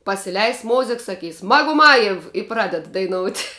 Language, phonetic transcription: Lithuanian, pasiˈleis ˈmozik saˈkys maguˈmajev i ˈpraded daiˈnout'

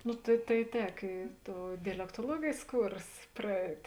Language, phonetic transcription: Lithuanian, ˈnu tai tai ˈtek y ˈtou dialektoˈluogėjs ˈkūrs praˈeit'

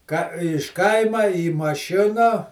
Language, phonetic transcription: Lithuanian, ka iš ˈkaima į maˈšina

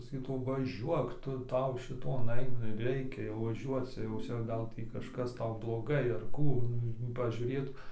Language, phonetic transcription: Lithuanian, saˈkytų vaˈžiuok ˈtu ˈtau šiˈton ˈai nu ir ˈreikia jau vaˈžiuoc jau ˈcia ˈgal ˈtį kažˈkas ˈtau bloˈgai ar ˈkų pažiūrėtu

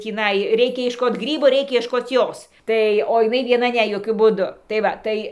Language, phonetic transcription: Lithuanian, tįˈnai ˈreikia iešˈkot ˈgrybo ˈreikia iešˈkot ˈjos ˈtai o iˈnai vieˈna ˈne joˈkiu būˈdu tai ˈva tai

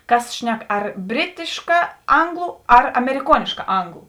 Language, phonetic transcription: Lithuanian, ˈkas ˈšnek ar ˈbritiška ˈanglu ar ameriˈkuoniška ˈanglu

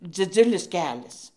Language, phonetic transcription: Lithuanian, dziˈdzulis ˈkelias

